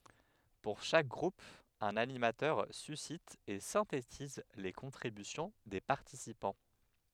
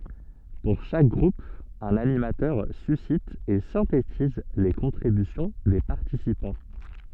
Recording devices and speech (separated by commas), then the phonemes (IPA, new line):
headset microphone, soft in-ear microphone, read sentence
puʁ ʃak ɡʁup œ̃n animatœʁ sysit e sɛ̃tetiz le kɔ̃tʁibysjɔ̃ de paʁtisipɑ̃